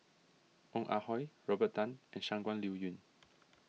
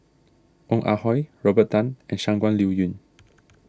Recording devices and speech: mobile phone (iPhone 6), standing microphone (AKG C214), read sentence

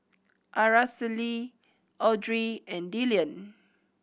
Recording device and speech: boundary microphone (BM630), read sentence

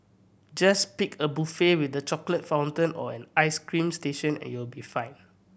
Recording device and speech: boundary microphone (BM630), read sentence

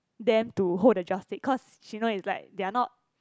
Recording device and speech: close-talking microphone, conversation in the same room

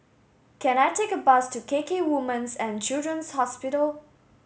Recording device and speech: mobile phone (Samsung S8), read sentence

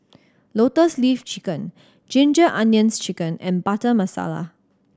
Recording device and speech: standing microphone (AKG C214), read sentence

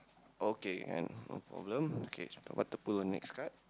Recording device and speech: close-talking microphone, conversation in the same room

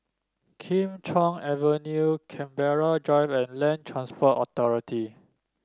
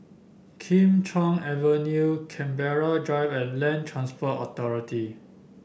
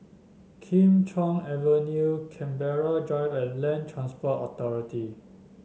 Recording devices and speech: standing microphone (AKG C214), boundary microphone (BM630), mobile phone (Samsung S8), read sentence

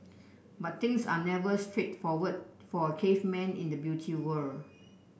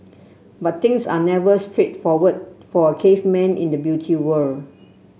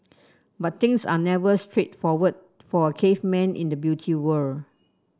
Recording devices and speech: boundary microphone (BM630), mobile phone (Samsung C7), standing microphone (AKG C214), read sentence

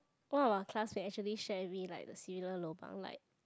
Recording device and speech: close-talking microphone, conversation in the same room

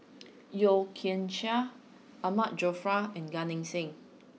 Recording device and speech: mobile phone (iPhone 6), read sentence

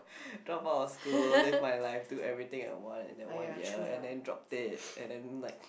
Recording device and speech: boundary microphone, conversation in the same room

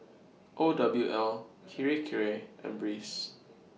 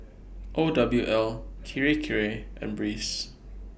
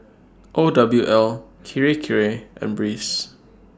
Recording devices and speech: mobile phone (iPhone 6), boundary microphone (BM630), standing microphone (AKG C214), read sentence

